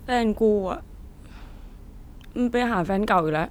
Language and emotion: Thai, sad